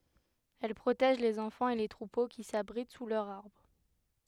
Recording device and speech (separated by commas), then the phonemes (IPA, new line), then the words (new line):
headset microphone, read sentence
ɛl pʁotɛʒ lez ɑ̃fɑ̃z e le tʁupo ki sabʁit su lœʁz aʁbʁ
Elles protègent les enfants et les troupeaux qui s’abritent sous leurs arbres.